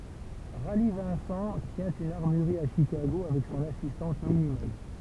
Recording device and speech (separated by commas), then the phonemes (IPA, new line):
temple vibration pickup, read sentence
ʁali vɛ̃sɑ̃ tjɛ̃ yn aʁmyʁʁi a ʃikaɡo avɛk sɔ̃n asistɑ̃t mini mɛ